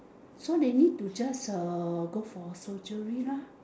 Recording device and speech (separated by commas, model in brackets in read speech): standing microphone, conversation in separate rooms